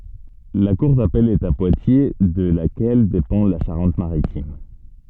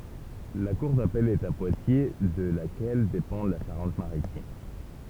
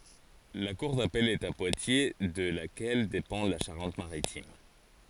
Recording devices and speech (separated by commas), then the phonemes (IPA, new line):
soft in-ear microphone, temple vibration pickup, forehead accelerometer, read sentence
la kuʁ dapɛl ɛt a pwatje də lakɛl depɑ̃ la ʃaʁɑ̃t maʁitim